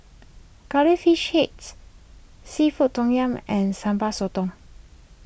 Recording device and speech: boundary microphone (BM630), read sentence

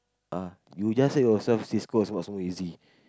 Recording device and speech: close-talking microphone, conversation in the same room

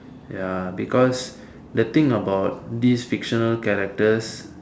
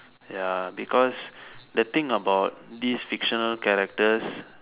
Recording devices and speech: standing microphone, telephone, conversation in separate rooms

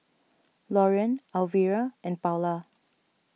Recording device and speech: mobile phone (iPhone 6), read sentence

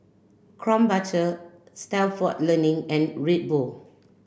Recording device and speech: boundary microphone (BM630), read sentence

